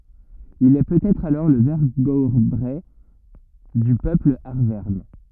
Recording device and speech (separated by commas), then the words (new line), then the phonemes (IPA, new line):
rigid in-ear microphone, read sentence
Il est peut-être alors le vergobret du peuple arverne.
il ɛ pøtɛtʁ alɔʁ lə vɛʁɡɔbʁɛ dy pøpl aʁvɛʁn